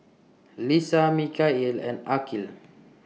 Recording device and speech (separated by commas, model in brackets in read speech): mobile phone (iPhone 6), read sentence